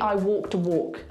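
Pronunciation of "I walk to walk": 'I walk to work' is pronounced incorrectly here: the last word sounds the same as 'walk', so both words sound like 'walk'.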